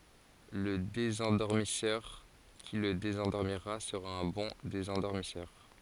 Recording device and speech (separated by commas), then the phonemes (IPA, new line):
forehead accelerometer, read sentence
lə dezɑ̃dɔʁmisœʁ ki lə dezɑ̃dɔʁmiʁa səʁa œ̃ bɔ̃ dezɑ̃dɔʁmisœʁ